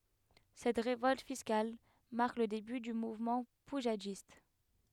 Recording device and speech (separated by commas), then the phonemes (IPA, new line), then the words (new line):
headset microphone, read sentence
sɛt ʁevɔlt fiskal maʁk lə deby dy muvmɑ̃ puʒadist
Cette révolte fiscale marque le début du mouvement poujadiste.